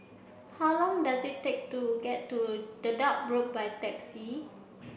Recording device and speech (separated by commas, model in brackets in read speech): boundary microphone (BM630), read sentence